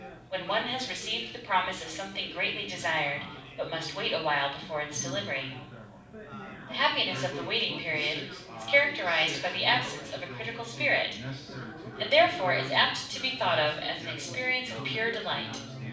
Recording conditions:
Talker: one person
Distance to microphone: 5.8 m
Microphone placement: far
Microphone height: 1.8 m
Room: medium-sized (5.7 m by 4.0 m)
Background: babble

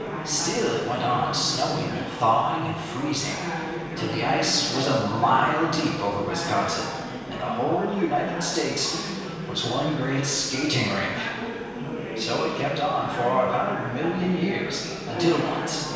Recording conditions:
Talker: one person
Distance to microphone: 1.7 m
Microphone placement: close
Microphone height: 1.0 m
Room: very reverberant, large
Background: babble

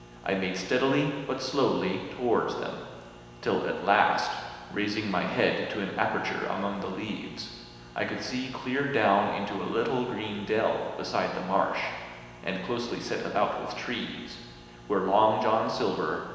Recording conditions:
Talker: one person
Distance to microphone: 1.7 m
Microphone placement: close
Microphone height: 1.0 m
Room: very reverberant, large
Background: none

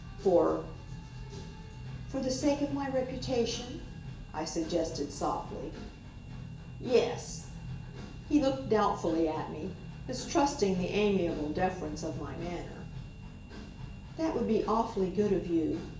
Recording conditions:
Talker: one person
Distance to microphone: 1.8 m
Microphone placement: close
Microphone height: 1.0 m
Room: large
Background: music

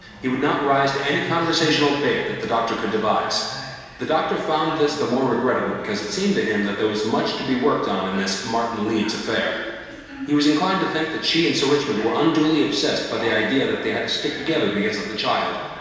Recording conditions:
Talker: one person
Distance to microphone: 1.7 m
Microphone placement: close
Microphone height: 1.0 m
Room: very reverberant, large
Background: television

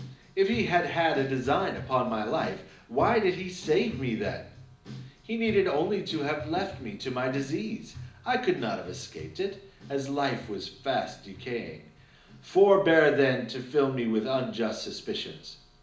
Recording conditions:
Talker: one person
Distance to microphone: 2.0 m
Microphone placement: close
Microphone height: 99 cm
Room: medium-sized (5.7 m by 4.0 m)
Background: music

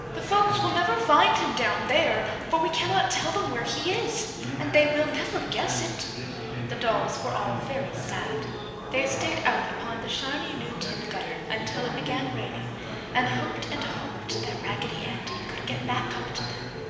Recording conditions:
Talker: one person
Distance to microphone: 1.7 m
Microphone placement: close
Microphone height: 1.0 m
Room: very reverberant, large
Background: babble

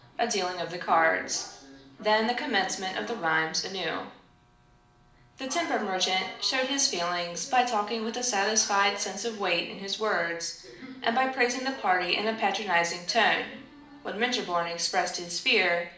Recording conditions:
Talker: one person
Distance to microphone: 2.0 m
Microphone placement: close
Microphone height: 99 cm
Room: medium-sized (5.7 m by 4.0 m)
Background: television

